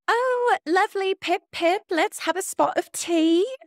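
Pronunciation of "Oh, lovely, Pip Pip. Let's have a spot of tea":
The line is spoken in an imitation of a British accent, and the imitation is a good one.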